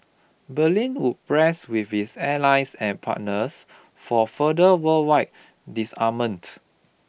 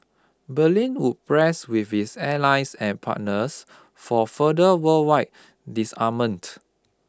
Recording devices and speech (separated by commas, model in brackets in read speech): boundary microphone (BM630), close-talking microphone (WH20), read sentence